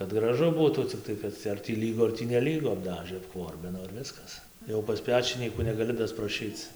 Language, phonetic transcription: Lithuanian, kad graˈžu ˈbūtų cikˈtai kad ar tį ˈlygu ar tį neˈlygu apˈdažɘ apˈkvorbino ir ˈviskas jau pas ˈpečinykų negaˈli daspraˈšyc

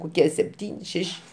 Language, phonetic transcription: Lithuanian, koˈkie sepˈtyni ˈšeši

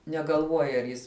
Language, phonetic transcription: Lithuanian, negalˈvuoja ar ˈjis

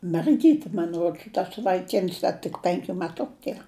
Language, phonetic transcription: Lithuanian, merˈgyti man ˈruods tas vaiˈkins ˈda tik ˈpenkiu meˈtuku ˈtie

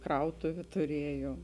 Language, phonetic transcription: Lithuanian, ˈkrautuviu tuˈriejuom

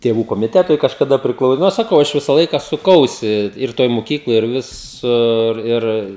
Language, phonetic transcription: Lithuanian, tėˈvų komiˈtetui kažkaˈda priˈklau ˈnu saˈkau aš ˈvisa ˈlaika suˈkausi ir ˈtoj muˈkykloj ir ˈvisur ˈir

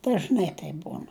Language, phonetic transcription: Lithuanian, dažˈnai taip ˈbūn

